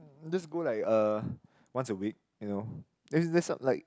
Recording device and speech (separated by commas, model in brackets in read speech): close-talking microphone, conversation in the same room